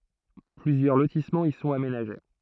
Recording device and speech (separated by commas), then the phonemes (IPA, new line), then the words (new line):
throat microphone, read sentence
plyzjœʁ lotismɑ̃z i sɔ̃t amenaʒe
Plusieurs lotissements y sont aménagés.